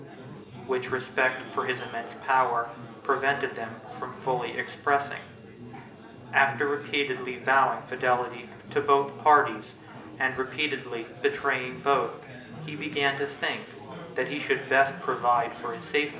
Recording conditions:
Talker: one person; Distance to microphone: 1.8 m; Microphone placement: close; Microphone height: 1.0 m; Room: large; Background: babble

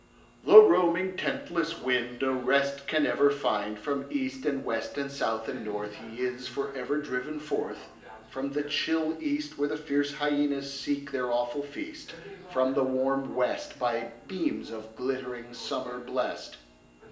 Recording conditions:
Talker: one person; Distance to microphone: 1.8 m; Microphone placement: close; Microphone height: 1.0 m; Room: large; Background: television

